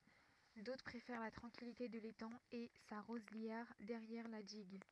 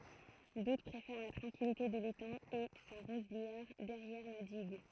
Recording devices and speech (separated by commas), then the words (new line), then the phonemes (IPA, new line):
rigid in-ear microphone, throat microphone, read sentence
D'autres préfèrent la tranquillité de l'étang et sa roselière derrière la digue.
dotʁ pʁefɛʁ la tʁɑ̃kilite də letɑ̃ e sa ʁozljɛʁ dɛʁjɛʁ la diɡ